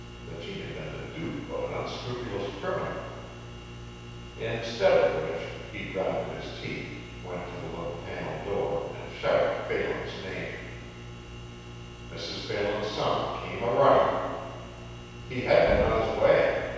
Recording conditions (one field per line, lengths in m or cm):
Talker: one person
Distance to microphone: 7.1 m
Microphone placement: far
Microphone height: 1.7 m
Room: very reverberant, large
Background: none